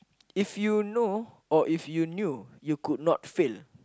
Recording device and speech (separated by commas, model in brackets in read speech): close-talking microphone, conversation in the same room